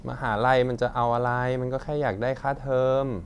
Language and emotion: Thai, frustrated